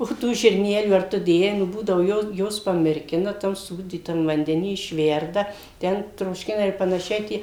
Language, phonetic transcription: Lithuanian, o ˈtų žirˈnelių ar ˈtu ˈdėjai nu ˈbūdavu jau ˈjuos pamirˈkina ˈtam ˈsūdytam vandeˈny išˈverda ˈten trošˈkina ir panaˈšiai ˈtie

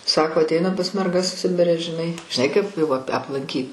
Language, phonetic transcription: Lithuanian, ˈsako atˈeinam pas merˈgas ˈsibire žiˈnai žiˈnai kaip jau ap' aplanˈkyt

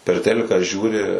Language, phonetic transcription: Lithuanian, per ˈteliką ˈžiūri

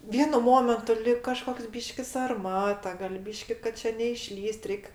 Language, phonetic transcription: Lithuanian, ˈvienu ˈmomentu lig kaˈžkoks ˈbyški sarˈmata gal' ˈbyški kad ˈčia neiˈšlįs't' ˈreik

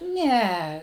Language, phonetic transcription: Lithuanian, ˈne

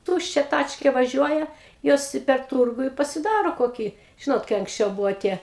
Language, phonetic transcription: Lithuanian, ˈtūščia ˈtačkė vaˈžiuoja ˈjos i per ˈtūrgu i pasiˈdaro koˈkį ˈžinot kai anksˈčiau ˈbuvo ˈtie

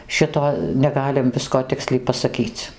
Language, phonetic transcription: Lithuanian, ˈšito neˈgalim ˈvisko ˈtiksliai pasaˈkyc

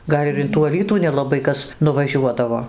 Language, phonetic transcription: Lithuanian, ˈgal' ir in tų aˈlytų nelaˈbai ˈkas nuvaˈžiuodavo

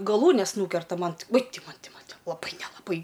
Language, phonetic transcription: Lithuanian, gaˈlūnes ˈnūkerta ˈman uoj ˈti ˈman ˈti ˈman laˈbai nelaˈbai

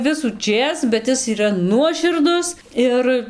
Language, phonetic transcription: Lithuanian, visųˈčės bet ˈis yˈra ˈnuoširdus ˈir

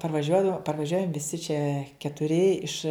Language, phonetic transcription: Lithuanian, parvaˈžiuodav parvaˈžiuojam viˈsi čia ketuˈri iš

